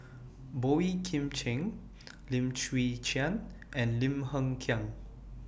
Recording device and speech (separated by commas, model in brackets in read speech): boundary microphone (BM630), read sentence